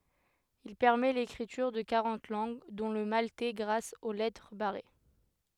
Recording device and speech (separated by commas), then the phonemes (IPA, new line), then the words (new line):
headset microphone, read sentence
il pɛʁmɛ lekʁityʁ də kaʁɑ̃t lɑ̃ɡ dɔ̃ lə maltɛ ɡʁas o lɛtʁ baʁe
Il permet l’écriture de quarante langues, dont le maltais grâce aux lettres barrées.